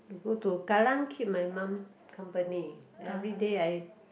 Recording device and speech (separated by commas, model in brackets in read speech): boundary microphone, conversation in the same room